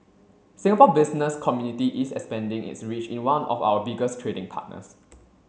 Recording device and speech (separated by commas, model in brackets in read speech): mobile phone (Samsung C7), read sentence